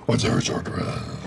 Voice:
deeply